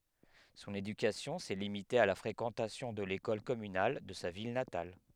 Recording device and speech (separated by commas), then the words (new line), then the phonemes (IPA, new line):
headset microphone, read sentence
Son éducation s'est limitée à la fréquentation de l’école communale de sa ville natale.
sɔ̃n edykasjɔ̃ sɛ limite a la fʁekɑ̃tasjɔ̃ də lekɔl kɔmynal də sa vil natal